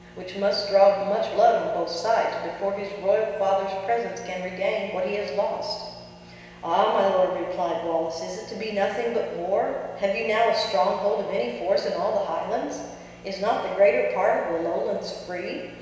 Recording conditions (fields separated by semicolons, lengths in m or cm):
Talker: one person; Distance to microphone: 1.7 m; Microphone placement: close; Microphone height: 1.0 m; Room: very reverberant, large; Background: none